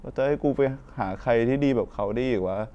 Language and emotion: Thai, sad